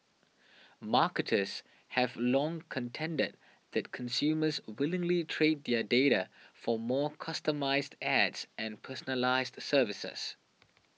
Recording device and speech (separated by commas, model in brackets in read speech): mobile phone (iPhone 6), read sentence